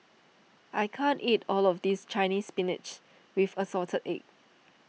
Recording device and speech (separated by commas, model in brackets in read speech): mobile phone (iPhone 6), read sentence